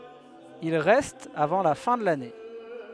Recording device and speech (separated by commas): headset microphone, read sentence